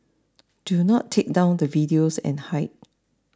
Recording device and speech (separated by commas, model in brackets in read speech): standing microphone (AKG C214), read sentence